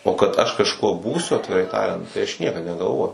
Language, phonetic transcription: Lithuanian, o kad aš kažˈkuo ˈbūsiu atviˈrai ˈtariant tai ˈaš ˈniekad negalˈvojau

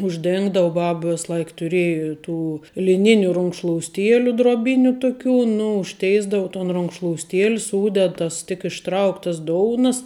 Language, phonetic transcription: Lithuanian, užˈdėngdava ˈbab ˈvės ˈlaik tuˈrėji ˈtų liˈniniu runkšlousˈtieliu droˈbiniu ˈtuˌkių ˈnu užˈteisdau ton runkšlousˈtiel' ˈsūded ˈtas tik išˈtrauktas ˈdounas

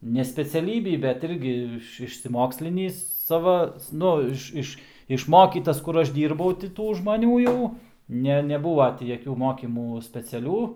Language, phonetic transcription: Lithuanian, ne speciaˈlybį bet ˈirgi išsisiˈmokslinįs ˈsava ˈnu iš ˈiš išˈmokytas ˈkur ˈaš ˈdyrbau ti ˈtų žmaˈnių jau ˈne neˈbūva ti jaˈkių ˈmokymų speciaˈlių

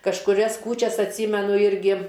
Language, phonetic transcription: Lithuanian, kažkuˈrias ˈkūčias atˈsymenu ˈirgi

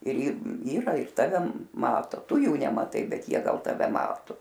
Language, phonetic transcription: Lithuanian, ir ir ˈyra ir ˈtave ˈmato ˈtu ˈjų nemaˈtai ˈbet ˈjie ˈgal taˈve ˈmatu

